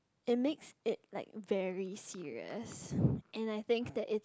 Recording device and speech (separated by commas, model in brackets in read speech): close-talking microphone, conversation in the same room